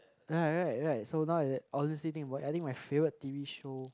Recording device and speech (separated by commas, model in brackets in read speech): close-talking microphone, conversation in the same room